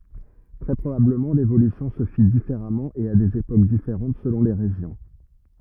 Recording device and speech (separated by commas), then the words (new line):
rigid in-ear microphone, read sentence
Très probablement, l'évolution se fit différemment et à des époques différentes selon les régions.